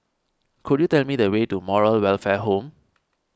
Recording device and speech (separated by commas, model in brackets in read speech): standing microphone (AKG C214), read sentence